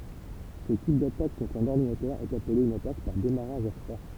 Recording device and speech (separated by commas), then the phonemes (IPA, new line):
temple vibration pickup, read sentence
sə tip datak kɔ̃tʁ œ̃n ɔʁdinatœʁ ɛt aple yn atak paʁ demaʁaʒ a fʁwa